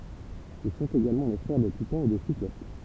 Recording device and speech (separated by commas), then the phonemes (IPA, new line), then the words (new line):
temple vibration pickup, read sentence
il sɔ̃t eɡalmɑ̃ le fʁɛʁ de titɑ̃z e de siklop
Ils sont également les frères des Titans et des Cyclopes.